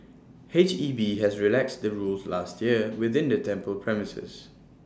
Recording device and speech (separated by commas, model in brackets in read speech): standing microphone (AKG C214), read sentence